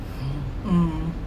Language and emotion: Thai, neutral